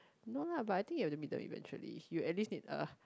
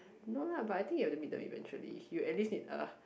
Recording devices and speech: close-talking microphone, boundary microphone, conversation in the same room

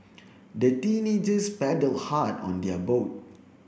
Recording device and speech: boundary microphone (BM630), read sentence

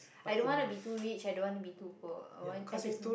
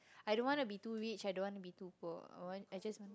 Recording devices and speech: boundary microphone, close-talking microphone, conversation in the same room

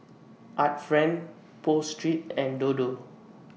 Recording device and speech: mobile phone (iPhone 6), read sentence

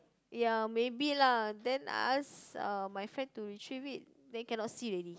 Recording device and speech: close-talking microphone, conversation in the same room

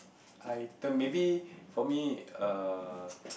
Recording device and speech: boundary microphone, conversation in the same room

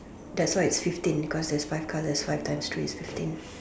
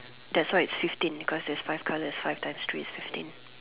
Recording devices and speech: standing microphone, telephone, conversation in separate rooms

